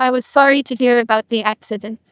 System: TTS, neural waveform model